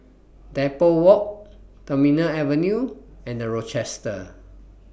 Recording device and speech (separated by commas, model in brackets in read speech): boundary microphone (BM630), read sentence